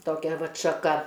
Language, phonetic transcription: Lithuanian, toˈkia ˈvat šaˈka

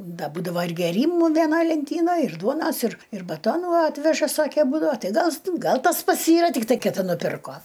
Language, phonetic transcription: Lithuanian, ˈda ˈbūdava ir gėˈrymu veˈnaj lenˈtynaj ir ˈduonas ir ir baˈtonų ˈatveža ˈsake ˈbūdava ˈtai ˈgal ˈgal ˈtas ˈpats ˈyra tikˈtai kiˈti nuˈpirko

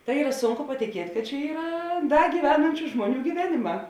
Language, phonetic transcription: Lithuanian, tai ˈyra ˈsunku patiˈkiet' kad čia ˈyra ˈda gyveˈnančiu ˈžmuoˌnių gyˈveniˌmā

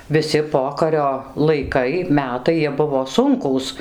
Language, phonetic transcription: Lithuanian, viˈsi ˈpokario laiˈkai ˈmetai jie ˈbuvo ˈsunkūs

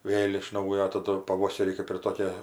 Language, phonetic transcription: Lithuanian, ˈvėl iš ˈnaujo taˈdu paˈvoserį kɜp ir ˈtokė

